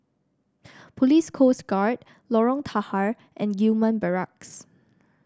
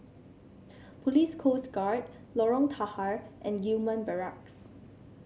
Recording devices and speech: standing microphone (AKG C214), mobile phone (Samsung C7), read sentence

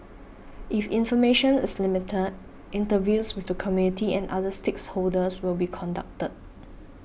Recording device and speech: boundary microphone (BM630), read sentence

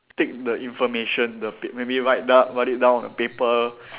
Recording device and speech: telephone, conversation in separate rooms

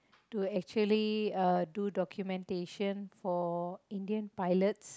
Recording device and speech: close-talking microphone, conversation in the same room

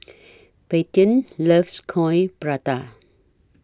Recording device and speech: standing microphone (AKG C214), read sentence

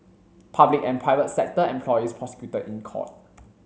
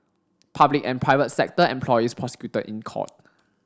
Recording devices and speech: mobile phone (Samsung C7), standing microphone (AKG C214), read sentence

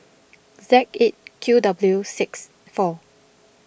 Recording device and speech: boundary microphone (BM630), read sentence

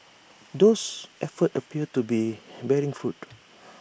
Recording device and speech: boundary microphone (BM630), read sentence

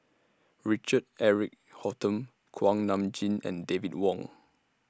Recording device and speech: standing microphone (AKG C214), read sentence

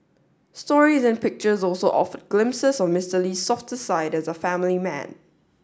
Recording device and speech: standing microphone (AKG C214), read sentence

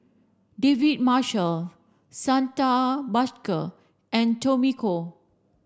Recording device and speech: standing microphone (AKG C214), read sentence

